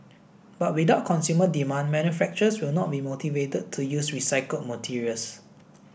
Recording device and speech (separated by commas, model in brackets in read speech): boundary microphone (BM630), read sentence